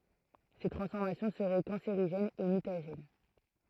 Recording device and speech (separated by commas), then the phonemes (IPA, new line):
throat microphone, read sentence
se tʁɑ̃sfɔʁmasjɔ̃ səʁɛ kɑ̃seʁiʒɛnz e mytaʒɛn